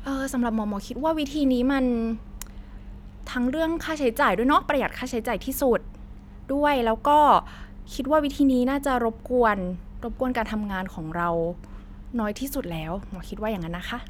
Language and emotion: Thai, neutral